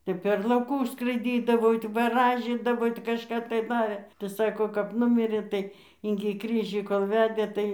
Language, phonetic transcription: Lithuanian, ˈtep per lauˈkus skraiˈdydavo ˈitai vaˈražydavo ti kažˈka tai ˈva tai ˈsako kap ˈnumirė ˈtai ingi ˈkryžį kol ˈvedė ˈtai

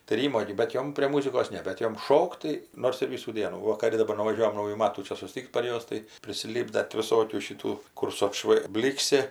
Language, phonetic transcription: Lithuanian, tai ˈrymo gi bet ˈjom prė ˈmūzikos ˈne bet ˈjom ˈšokt tai ˈnors ir ˈvysų ˈdienų ˈva kaˈdu daˈbar nuvaˈžiuojam ˈnaujų ˈmatų ˈčia suˈstik't' par ˈjuos tai prisiˈlypda ti viˈsokių šiˈtų ˈkur su atˈšvai ˈblyksi

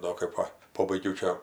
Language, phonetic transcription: Lithuanian, ˈdo kɜp ˈva ˈpobaigiau ˈčia

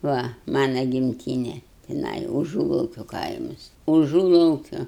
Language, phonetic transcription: Lithuanian, ˈva ˈmana gimˈtyne tiˈnai uˈžūlaukio ˈkaimas uˈžūlaukio

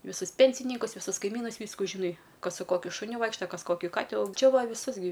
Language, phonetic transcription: Lithuanian, viˈsus ˈpensinykus visus kaiˈmynus ˈvysku žiˈnai ˈkas su ˈkokiu šuˈniu ˈvaikšta ˈkas ˈkoki ˈkati au ˈčia ˈva viˈsus gi

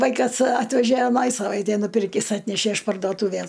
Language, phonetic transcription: Lithuanian, ˈvaikas ˈatvežæ aˈnaj saˈvaitej nuˈpirkis ˈatnæšæ iš pardoˈtūvæs

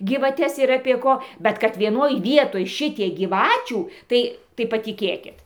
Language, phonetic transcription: Lithuanian, gyvaˈtes ir apie ˈko ˈbet kad vieˈnoj ˈvietoj ˈšitiek gyˈvačių ˈtai tai patiˈkėkit

